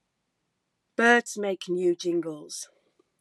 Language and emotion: English, disgusted